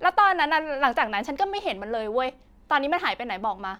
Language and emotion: Thai, angry